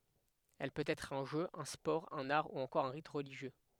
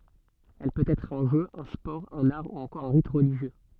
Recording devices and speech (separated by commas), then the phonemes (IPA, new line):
headset microphone, soft in-ear microphone, read sentence
ɛl pøt ɛtʁ œ̃ ʒø œ̃ spɔʁ œ̃n aʁ u ɑ̃kɔʁ œ̃ ʁit ʁəliʒjø